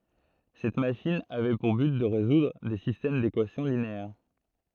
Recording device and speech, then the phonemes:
throat microphone, read sentence
sɛt maʃin avɛ puʁ byt də ʁezudʁ de sistɛm dekwasjɔ̃ lineɛʁ

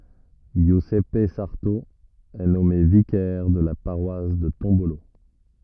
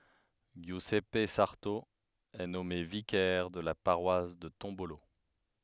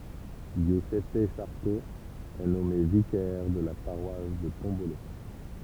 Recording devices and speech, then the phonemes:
rigid in-ear microphone, headset microphone, temple vibration pickup, read sentence
ʒjyzɛp saʁto ɛ nɔme vikɛʁ də la paʁwas də tɔ̃bolo

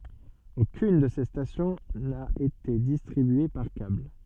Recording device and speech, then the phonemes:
soft in-ear microphone, read sentence
okyn də se stasjɔ̃ na ete distʁibye paʁ kabl

